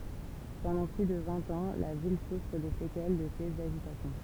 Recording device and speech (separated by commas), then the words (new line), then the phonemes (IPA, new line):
temple vibration pickup, read sentence
Pendant plus de vingt ans, la ville souffre des séquelles de ces agitations.
pɑ̃dɑ̃ ply də vɛ̃t ɑ̃ la vil sufʁ de sekɛl də sez aʒitasjɔ̃